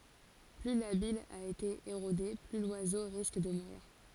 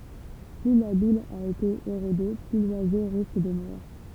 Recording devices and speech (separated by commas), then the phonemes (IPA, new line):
forehead accelerometer, temple vibration pickup, read sentence
ply la bij a ete eʁode ply lwazo ʁisk də muʁiʁ